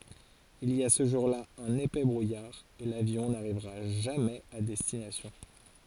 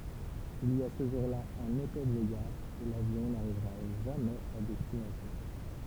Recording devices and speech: forehead accelerometer, temple vibration pickup, read sentence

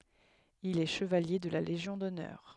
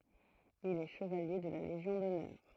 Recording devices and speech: headset microphone, throat microphone, read sentence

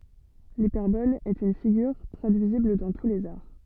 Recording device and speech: soft in-ear microphone, read sentence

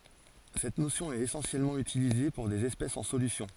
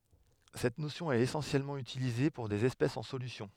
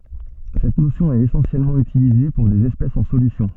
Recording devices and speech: forehead accelerometer, headset microphone, soft in-ear microphone, read sentence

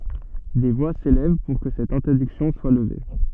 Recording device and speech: soft in-ear microphone, read sentence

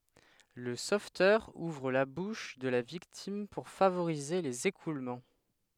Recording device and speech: headset microphone, read sentence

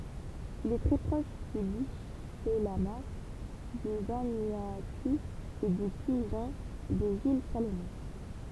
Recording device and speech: temple vibration pickup, read sentence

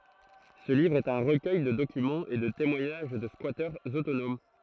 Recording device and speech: throat microphone, read sentence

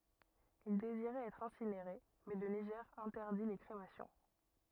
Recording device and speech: rigid in-ear microphone, read sentence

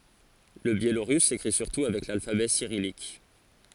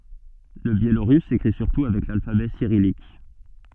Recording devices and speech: forehead accelerometer, soft in-ear microphone, read sentence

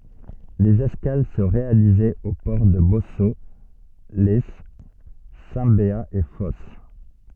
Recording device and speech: soft in-ear microphone, read sentence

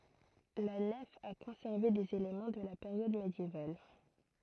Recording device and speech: throat microphone, read sentence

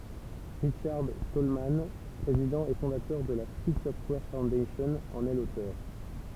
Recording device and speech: temple vibration pickup, read sentence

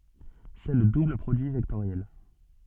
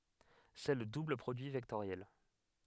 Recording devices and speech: soft in-ear microphone, headset microphone, read sentence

